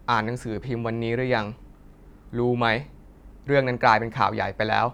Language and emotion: Thai, neutral